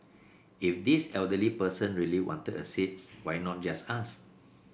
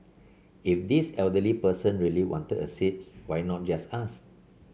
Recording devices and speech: boundary microphone (BM630), mobile phone (Samsung C7), read sentence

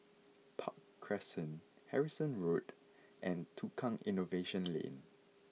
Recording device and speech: mobile phone (iPhone 6), read sentence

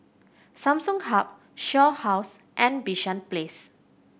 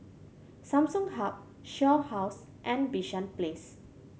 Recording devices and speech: boundary microphone (BM630), mobile phone (Samsung C7100), read sentence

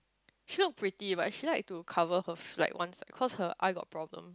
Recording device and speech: close-talking microphone, conversation in the same room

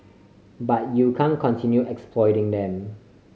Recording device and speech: mobile phone (Samsung C5010), read sentence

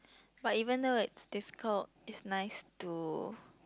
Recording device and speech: close-talking microphone, conversation in the same room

